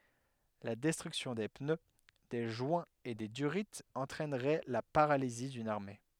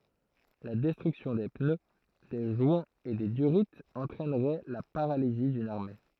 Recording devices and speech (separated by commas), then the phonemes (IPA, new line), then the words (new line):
headset microphone, throat microphone, read sentence
la dɛstʁyksjɔ̃ de pnø de ʒwɛ̃z e de dyʁiz ɑ̃tʁɛnʁɛ la paʁalizi dyn aʁme
La destruction des pneus, des joints et des durits entraînerait la paralysie d’une armée.